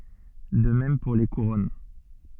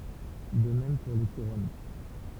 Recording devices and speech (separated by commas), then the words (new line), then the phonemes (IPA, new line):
soft in-ear microphone, temple vibration pickup, read sentence
De même pour les couronnes.
də mɛm puʁ le kuʁɔn